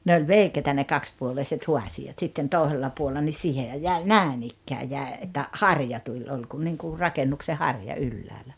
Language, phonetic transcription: Finnish, 'ne ol "veikeitä ne 'kakspuoleiset "huasi₍at sitten "tòesella 'puolla nis 'siihehäj 'jä̀i "nä̀en ‿ikkää 'jä̀e että , "harja 'tuĺ 'oĺ kun niŋku , "rakennukse "harja "ylläälä .
- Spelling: ne oli veikeitä ne kaksipuoleiset haasiat sitten toisella puolella niin siihenhän jäi näin ikään jäi että harja tuli oli kuin niin kuin rakennuksen harja ylhäällä

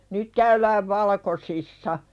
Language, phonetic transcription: Finnish, nyt 'käylääv "valᵃkosissa .
- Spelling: nyt käydään valkoisissa

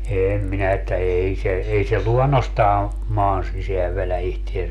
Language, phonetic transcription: Finnish, 'èm minä että "ei 'se , 'ei se "luɔnnostaa , "maan 'siseäv velä 'ihtiesä .
- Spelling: en minä että ei se ei se luonnostaan maan sisään vedä itseänsä

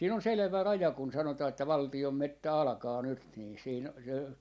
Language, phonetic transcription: Finnish, siin ‿on "selᵉvä "raja kun 'sanotaa että "valti₍om "mettä 'alᵃkaa 'nyt nii siin , .
- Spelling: siinä on selvä raja kun sanotaan että valtion metsä alkaa nyt niin siinä

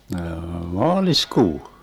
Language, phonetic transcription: Finnish, 'noo , "maalis'kuu .
- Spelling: noo maaliskuu

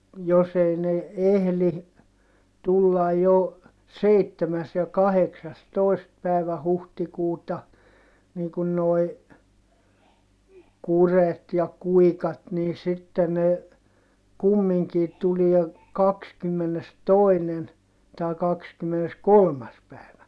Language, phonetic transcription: Finnish, jos ‿ei ne , ehli , tullaj jo , seittemäs- ja kaheksastòi̮st pä̀i̮vä huhtikuuta , nii kun noi̮ , kuret ja kuikat nii sitte ne , kummiŋkii tulie , kakskymmenestòinen , tài kakskymmeneskolmas pä̀i̮vä .
- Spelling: jos ei ne ehdi tulla jo seitsemäs ja kahdeksastoista päivä huhtikuuta niin kuin nuo kurjet ja kuikat niin sitten ne kumminkin tulee kahdeskymmenestoinen tai kaksikymmeneskolmas päivä

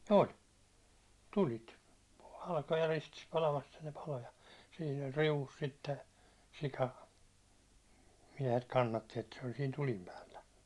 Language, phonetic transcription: Finnish, ol' , "tulit , 'halkoja ristis palamas että ne palo ja , siin ‿ol' 'riuvus sitte , 'sika , 'miɛhet 'kannatti että se ol siin 'tulim päällä .
- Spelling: oli tulet halkoja ristissä palamassa että ne paloi ja siinä oli riu'ussa sitten sika miehet kannatti että se oli siinä tulen päällä

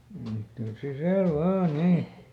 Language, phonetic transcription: Finnish, m̥ ˈtuls ˈsisä̀l "vaa "nii !
- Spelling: mm tule sisälle vain niin

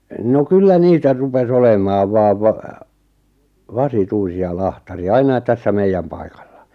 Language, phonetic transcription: Finnish, no 'kyllä 'niitä rupes 'olem̀aav 'vaav 'va- , "vasi'tuisi₍a "lahtari₍a "ainait tässä "meijjäm paikᴀʟʟᴀ .
- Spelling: no kyllä niitä rupesi olemaan vain - vasituisia lahtareita aina tässä meidän paikalla

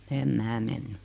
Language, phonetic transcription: Finnish, 'em "mää 'menny .
- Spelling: en minä mennyt

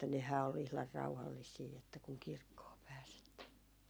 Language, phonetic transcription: Finnish, että 'nehää ol 'ihlar 'rauhallisii että kuŋ 'kirkkoo pääs ‿että .
- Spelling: että nehän oli ihan rauhallisia että kun kirkkoon pääsi että

